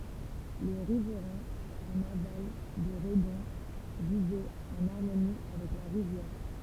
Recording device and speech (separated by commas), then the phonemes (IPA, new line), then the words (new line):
temple vibration pickup, read sentence
le ʁivʁɛ̃z ɑ̃n aval də ʁədɔ̃ vivɛt ɑ̃n aʁmoni avɛk la ʁivjɛʁ
Les riverains en aval de Redon vivaient en harmonie avec la rivière.